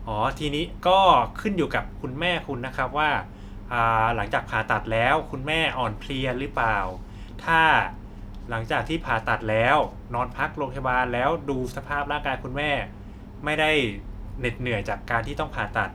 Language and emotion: Thai, neutral